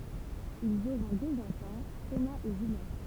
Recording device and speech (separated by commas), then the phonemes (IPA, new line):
temple vibration pickup, read sentence
ilz oʁɔ̃ døz ɑ̃fɑ̃ tomaz e ʒyljɛ̃